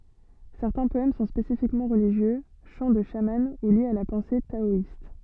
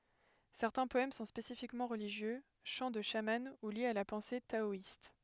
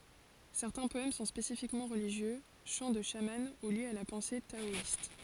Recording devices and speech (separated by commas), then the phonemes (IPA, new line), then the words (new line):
soft in-ear microphone, headset microphone, forehead accelerometer, read sentence
sɛʁtɛ̃ pɔɛm sɔ̃ spesifikmɑ̃ ʁəliʒjø ʃɑ̃ də ʃamɑ̃ u ljez a la pɑ̃se taɔist
Certains poèmes sont spécifiquement religieux, chants de chaman ou liés à la pensée taoïste.